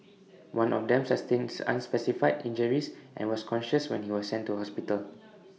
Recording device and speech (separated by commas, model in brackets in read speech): mobile phone (iPhone 6), read sentence